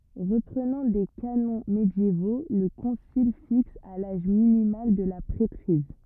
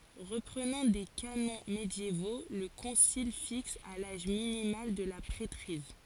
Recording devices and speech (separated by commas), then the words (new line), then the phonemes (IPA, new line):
rigid in-ear microphone, forehead accelerometer, read sentence
Reprenant des canons médiévaux, le concile fixe à l'âge minimal de la prêtrise.
ʁəpʁənɑ̃ de kanɔ̃ medjevo lə kɔ̃sil fiks a laʒ minimal də la pʁɛtʁiz